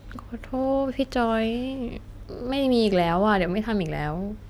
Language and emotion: Thai, sad